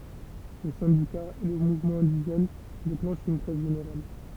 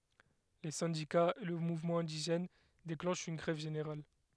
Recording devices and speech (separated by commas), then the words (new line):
temple vibration pickup, headset microphone, read sentence
Les syndicats et le mouvement indigène déclenchent une grève générale.